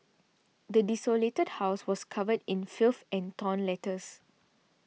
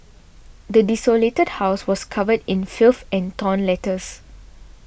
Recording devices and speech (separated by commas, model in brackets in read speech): mobile phone (iPhone 6), boundary microphone (BM630), read sentence